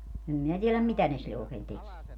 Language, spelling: Finnish, en minä tiedä mitä ne sille oikein tekee
- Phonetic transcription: em minä tieläm "mitä ne sille ookeen 'tekie .

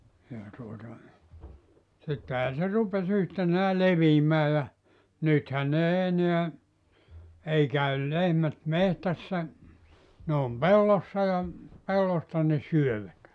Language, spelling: Finnish, ja tuota sittenhän se rupesi yhtenään leviämään ja nythän ne ei enää ei käy lehmät metsässä ne on pellossa ja pellosta ne syövät
- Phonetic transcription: ja tuota , sittehää se 'rupes yhtenää "leviimää ja , 'nythän n ‿ei 'eneä , 'ei käyl 'lehmät 'mehtässä , ne om "pellossa ja , 'pellosta ne 'syövät .

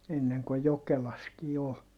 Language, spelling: Finnish, ennen kun Jokelassakin oli
- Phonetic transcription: enneŋ ko Jokelaskii ol .

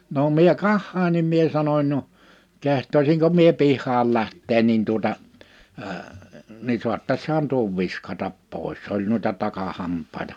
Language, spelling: Finnish, no minä katsoin niin minä sanoin no kehtaisinko minä pihalle lähteä niin tuota - niin saattaisihan tuon viskata pois se oli noita takahampaita
- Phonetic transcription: no 'mie "kahhain nim mie 'sanoń » no , 'keht̆toisiŋko mie 'pih̀al 'lähtteen nin tuᵒta , ə , ni suattashaan tuov 'viskatap 'pòis « 's ‿oĺ nuita 'takahamp̀àita .

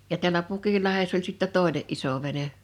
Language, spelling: Finnish, ja täällä Pukinlahdessa oli sitten toinen iso vene
- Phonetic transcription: ja tiäĺä 'Pukillahess ‿ol sittä "tòene’ '’iso vene .

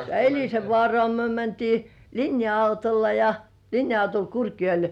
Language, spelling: Finnish, Elisenvaaraan me mentiin linja-autolla ja linja-autolla Kurkijoelle
- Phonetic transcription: Eĺisevvŏàrŏà myö 'mäntii "linja₍autolla ja , 'linja₍autol "Kurkjoḙl .

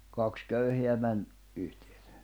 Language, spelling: Finnish, kaksi köyhää meni yhteen
- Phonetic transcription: 'kaks 'köyheä män , yhtᴇᴇ .

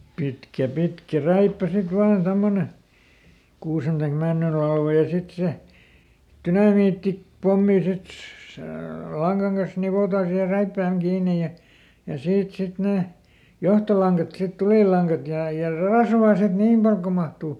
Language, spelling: Finnish, pitkä pitkä räippä sitten vain tuommoinen kuusen tai männyn latva ja sitten se - dynamiittipommi sitten se langan kanssa nivotaan siihen räippään kiinni ja ja siitä sitten ne johtolangat sitten tulilangat ja ja rasvaa sitten niin paljon kuin mahtuu
- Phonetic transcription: ˈpitkä ˈpitkä "räippä sit ˈvaan ˈtommone , ˈkuusen taik ˈmännyl lalva ja ˈsit se , "tynamiitti- , ˈ-pommi ˈsit , sè ˈlaŋGaŋ kas ˈnivotaa siihe ˈräippääŋ ˈkiinej̆ ja , ja ˈsiit ˈsit nè , "johtolaŋkat sit ˈtulìl̆laŋkat ja , ja "rasvaa sit "niim pal ko mahtuu .

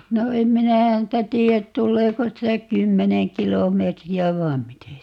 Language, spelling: Finnish, no en minä häntä tiedä tuleeko sitä kymmenen kilometriä vai miten sitä tulee
- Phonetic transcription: no 'em 'minä 'häntä "tii₍ät 'tulleeko 'sitä "kymmeneŋ 'kilom̀eetri₍ä 'vai̮m "mite 'sitä 't .

